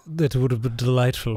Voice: nasally voice